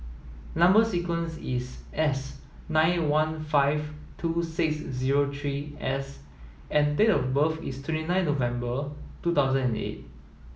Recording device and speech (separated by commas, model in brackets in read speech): mobile phone (iPhone 7), read sentence